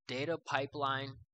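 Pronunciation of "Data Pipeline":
'Data pipeline' is said with an American accent.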